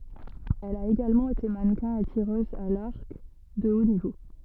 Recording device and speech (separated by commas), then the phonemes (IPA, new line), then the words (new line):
soft in-ear microphone, read sentence
ɛl a eɡalmɑ̃ ete manəkɛ̃ e tiʁøz a laʁk də o nivo
Elle a également été mannequin et tireuse à l'arc de haut niveau.